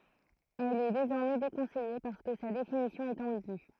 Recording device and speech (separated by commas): throat microphone, read sentence